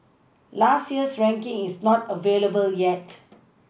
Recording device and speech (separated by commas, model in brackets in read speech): boundary microphone (BM630), read sentence